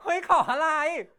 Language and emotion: Thai, happy